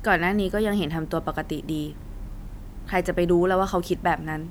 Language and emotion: Thai, neutral